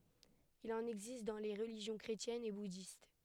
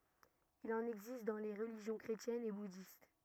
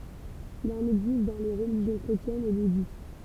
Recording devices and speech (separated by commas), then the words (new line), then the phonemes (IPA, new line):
headset microphone, rigid in-ear microphone, temple vibration pickup, read sentence
Il en existe dans les religions chrétiennes et bouddhiste.
il ɑ̃n ɛɡzist dɑ̃ le ʁəliʒjɔ̃ kʁetjɛnz e budist